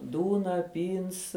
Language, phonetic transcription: Lithuanian, ˈdūna ˈpyns

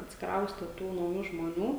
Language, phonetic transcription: Lithuanian, atsikˈrauste ˈtų nauˈjų žmoˈnių

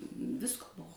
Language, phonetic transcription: Lithuanian, ˈvisko ˈbuo

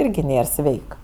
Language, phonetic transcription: Lithuanian, ˈirgi ˈnėr ˈsveik

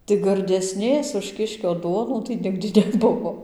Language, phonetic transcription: Lithuanian, tai gardeˈsnės už ˈkiškio ˈduonų tai ˈnigdi neˈbuvo

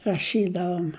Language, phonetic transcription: Lithuanian, raˈšydavom

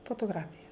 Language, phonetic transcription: Lithuanian, fotoˈgrafija

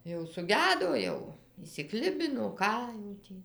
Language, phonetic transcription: Lithuanian, jau suˈgedo ˈjau išsiˈklibino ˈką jau tį

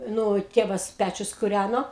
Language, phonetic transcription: Lithuanian, ˈnu ˈtėvas ˈpæčius kuˈræno

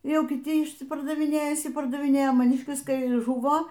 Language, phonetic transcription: Lithuanian, ˈjau kiˈti išsipardaviˈnėja išsipardaviˈnėja maˈniškis ˈkai ˈžuvo

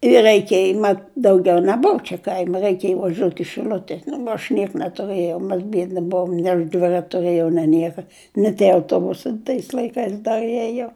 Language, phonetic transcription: Lithuanian, i reiˈkėj mat dauˈgiau neˈbuv čia kaim' reikėj vaˈžiot i šiˈl'ute nu aš ˈniek netuˈrɘjau mes ˈbiedni ˈbuvom nė aš dvirat' tuˈrɘjau nė ˈnieka ni tie auˈtobusai tais laiˈkais ˈdar ˈiejo

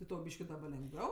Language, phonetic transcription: Lithuanian, ti ˈtau ˈbyški daˈba lengˈviau

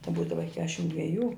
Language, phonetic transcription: Lithuanian, tai ˈbūdava i ˈkešim dveˈjų

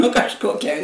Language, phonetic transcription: Lithuanian, nu kažˈkokia

